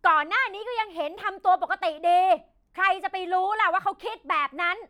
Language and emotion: Thai, angry